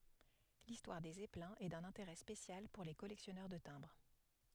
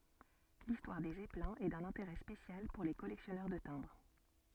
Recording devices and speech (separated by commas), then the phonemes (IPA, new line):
headset microphone, soft in-ear microphone, read sentence
listwaʁ de zɛplɛ̃z ɛ dœ̃n ɛ̃teʁɛ spesjal puʁ le kɔlɛksjɔnœʁ də tɛ̃bʁ